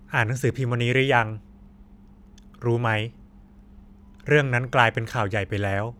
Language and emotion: Thai, neutral